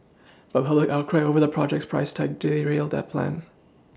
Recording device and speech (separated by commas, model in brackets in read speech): standing microphone (AKG C214), read sentence